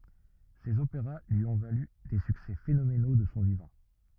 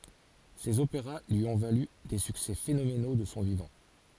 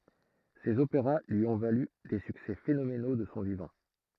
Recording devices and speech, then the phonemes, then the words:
rigid in-ear microphone, forehead accelerometer, throat microphone, read sentence
sez opeʁa lyi ɔ̃ valy de syksɛ fenomeno də sɔ̃ vivɑ̃
Ses opéras lui ont valu des succès phénoménaux de son vivant.

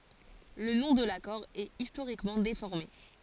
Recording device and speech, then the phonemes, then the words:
forehead accelerometer, read sentence
lə nɔ̃ də lakɔʁ ɛt istoʁikmɑ̃ defɔʁme
Le nom de l'accord est historiquement déformé.

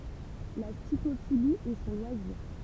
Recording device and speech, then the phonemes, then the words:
temple vibration pickup, read sentence
la stikofili ɛ sɔ̃ lwaziʁ
La stickophilie est son loisir.

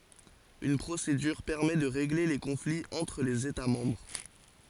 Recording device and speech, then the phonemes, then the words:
forehead accelerometer, read sentence
yn pʁosedyʁ pɛʁmɛ də ʁeɡle le kɔ̃fliz ɑ̃tʁ lez eta mɑ̃bʁ
Une procédure permet de régler les conflits entre les États membres.

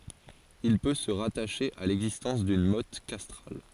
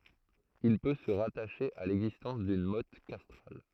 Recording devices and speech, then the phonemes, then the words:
forehead accelerometer, throat microphone, read sentence
il pø sə ʁataʃe a lɛɡzistɑ̃s dyn mɔt kastʁal
Il peut se rattacher à l’existence d’une motte castrale.

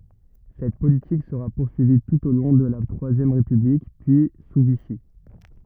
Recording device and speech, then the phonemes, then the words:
rigid in-ear microphone, read sentence
sɛt politik səʁa puʁsyivi tut o lɔ̃ də la tʁwazjɛm ʁepyblik pyi su viʃi
Cette politique sera poursuivie tout au long de la Troisième République, puis sous Vichy.

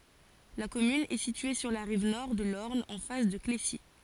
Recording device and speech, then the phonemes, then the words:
forehead accelerometer, read sentence
la kɔmyn ɛ sitye syʁ la ʁiv nɔʁ də lɔʁn ɑ̃ fas də klesi
La commune est située sur la rive nord de l'Orne en face de Clécy.

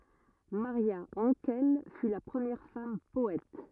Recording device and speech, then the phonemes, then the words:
rigid in-ear microphone, read sentence
maʁja ɑ̃kɛl fy la pʁəmjɛʁ fam pɔɛt
Maria Hankel fut la première femme poète.

